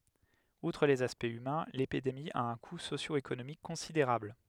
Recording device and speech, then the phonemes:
headset microphone, read sentence
utʁ lez aspɛktz ymɛ̃ lepidemi a œ̃ ku sosjoekonomik kɔ̃sideʁabl

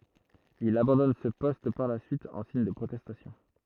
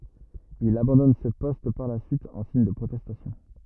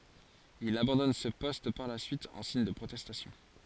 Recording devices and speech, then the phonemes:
throat microphone, rigid in-ear microphone, forehead accelerometer, read sentence
il abɑ̃dɔn sə pɔst paʁ la syit ɑ̃ siɲ də pʁotɛstasjɔ̃

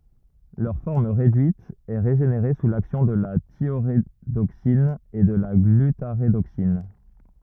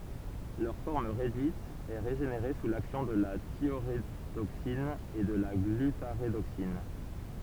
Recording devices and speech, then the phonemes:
rigid in-ear microphone, temple vibration pickup, read sentence
lœʁ fɔʁm ʁedyit ɛ ʁeʒeneʁe su laksjɔ̃ də la tjoʁedoksin u də la ɡlytaʁedoksin

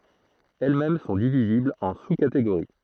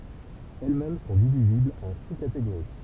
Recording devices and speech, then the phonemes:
throat microphone, temple vibration pickup, read sentence
ɛl mɛm sɔ̃ diviziblz ɑ̃ su kateɡoʁi

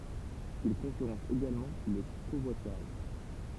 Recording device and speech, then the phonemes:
temple vibration pickup, read sentence
il kɔ̃kyʁɑ̃s eɡalmɑ̃ lə kovwatyʁaʒ

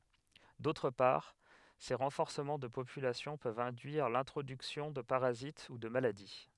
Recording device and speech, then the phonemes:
headset microphone, read sentence
dotʁ paʁ se ʁɑ̃fɔʁsəmɑ̃ də popylasjɔ̃ pøvt ɛ̃dyiʁ lɛ̃tʁodyksjɔ̃ də paʁazit u də maladi

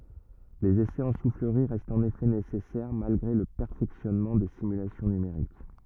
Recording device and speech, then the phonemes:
rigid in-ear microphone, read sentence
lez esɛz ɑ̃ sufləʁi ʁɛstt ɑ̃n efɛ nesɛsɛʁ malɡʁe lə pɛʁfɛksjɔnmɑ̃ de simylasjɔ̃ nymeʁik

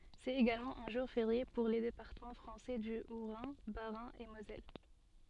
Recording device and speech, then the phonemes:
soft in-ear microphone, read sentence
sɛt eɡalmɑ̃ œ̃ ʒuʁ feʁje puʁ le depaʁtəmɑ̃ fʁɑ̃sɛ dy otʁɛ̃ basʁɛ̃ e mozɛl

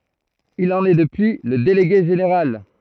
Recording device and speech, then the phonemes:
throat microphone, read sentence
il ɑ̃n ɛ dəpyi lə deleɡe ʒeneʁal

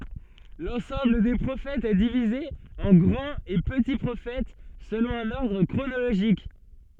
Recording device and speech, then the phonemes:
soft in-ear microphone, read sentence
lɑ̃sɑ̃bl de pʁofɛtz ɛ divize ɑ̃ ɡʁɑ̃t e pəti pʁofɛt səlɔ̃ œ̃n ɔʁdʁ kʁonoloʒik

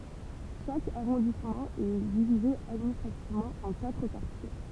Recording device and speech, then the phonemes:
temple vibration pickup, read sentence
ʃak aʁɔ̃dismɑ̃ ɛ divize administʁativmɑ̃ ɑ̃ katʁ kaʁtje

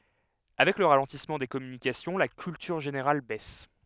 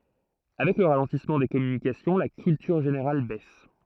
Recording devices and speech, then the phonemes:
headset microphone, throat microphone, read sentence
avɛk lə ʁalɑ̃tismɑ̃ de kɔmynikasjɔ̃ la kyltyʁ ʒeneʁal bɛs

